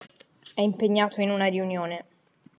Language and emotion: Italian, neutral